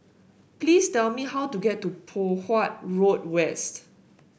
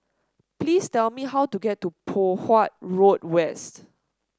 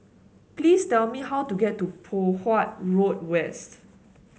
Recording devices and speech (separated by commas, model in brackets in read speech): boundary microphone (BM630), standing microphone (AKG C214), mobile phone (Samsung S8), read sentence